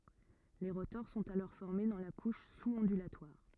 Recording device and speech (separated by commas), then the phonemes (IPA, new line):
rigid in-ear microphone, read sentence
le ʁotɔʁ sɔ̃t alɔʁ fɔʁme dɑ̃ la kuʃ suz ɔ̃dylatwaʁ